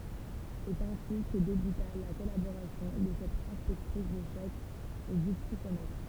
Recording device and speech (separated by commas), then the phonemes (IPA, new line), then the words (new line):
temple vibration pickup, read sentence
sɛt ɛ̃si kə debyta la kɔlaboʁasjɔ̃ də sɛt ɛ̃spɛktʁis də ʃɔk e dy psikomɛtʁ
C'est ainsi que débuta la collaboration de cette inspectrice de choc et du psychomètre.